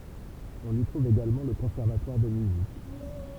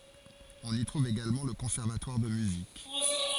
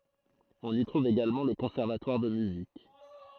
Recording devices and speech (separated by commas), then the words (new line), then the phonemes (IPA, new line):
temple vibration pickup, forehead accelerometer, throat microphone, read sentence
On y trouve également le conservatoire de musique.
ɔ̃n i tʁuv eɡalmɑ̃ lə kɔ̃sɛʁvatwaʁ də myzik